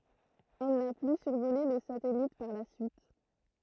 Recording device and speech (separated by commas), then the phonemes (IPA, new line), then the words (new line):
throat microphone, read sentence
ɛl na ply syʁvole lə satɛlit paʁ la syit
Elle n'a plus survolé le satellite par la suite.